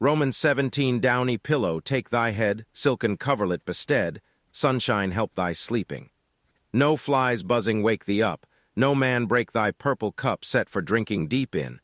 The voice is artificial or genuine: artificial